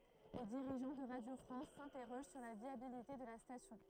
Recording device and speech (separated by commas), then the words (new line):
throat microphone, read sentence
Les dirigeants de Radio France s'interrogent sur la viabilité de la station.